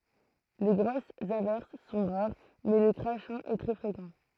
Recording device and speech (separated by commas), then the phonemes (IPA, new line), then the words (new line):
throat microphone, read sentence
le ɡʁosz avɛʁs sɔ̃ ʁaʁ mɛ lə kʁaʃɛ̃ ɛ tʁɛ fʁekɑ̃
Les grosses averses sont rares, mais le crachin est très fréquent.